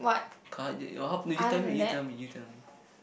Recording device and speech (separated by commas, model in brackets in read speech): boundary microphone, conversation in the same room